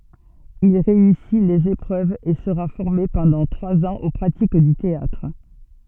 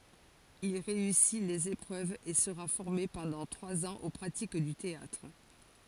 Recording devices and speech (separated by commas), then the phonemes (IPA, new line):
soft in-ear microphone, forehead accelerometer, read sentence
il ʁeysi lez epʁøvz e səʁa fɔʁme pɑ̃dɑ̃ tʁwaz ɑ̃z o pʁatik dy teatʁ